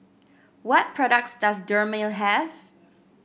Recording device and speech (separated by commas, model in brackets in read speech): boundary microphone (BM630), read sentence